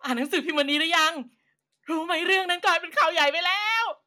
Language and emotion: Thai, happy